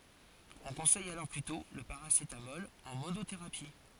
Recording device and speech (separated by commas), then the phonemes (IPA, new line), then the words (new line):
forehead accelerometer, read sentence
ɔ̃ kɔ̃sɛj alɔʁ plytɔ̃ lə paʁasetamɔl ɑ̃ monoteʁapi
On conseille alors plutôt le paracétamol en monothérapie.